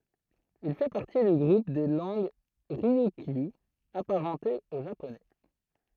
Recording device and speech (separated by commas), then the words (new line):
throat microphone, read sentence
Il fait partie du groupe des langues ryukyu, apparentées au japonais.